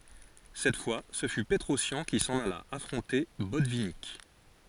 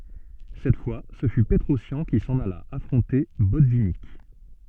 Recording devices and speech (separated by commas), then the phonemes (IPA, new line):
forehead accelerometer, soft in-ear microphone, read sentence
sɛt fwa sə fy pətʁɔsjɑ̃ ki sɑ̃n ala afʁɔ̃te bɔtvinik